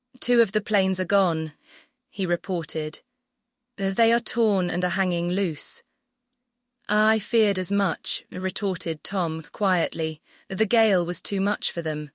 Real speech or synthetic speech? synthetic